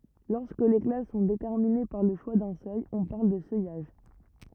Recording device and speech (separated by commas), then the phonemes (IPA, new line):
rigid in-ear microphone, read sentence
lɔʁskə le klas sɔ̃ detɛʁmine paʁ lə ʃwa dœ̃ sœj ɔ̃ paʁl də sœjaʒ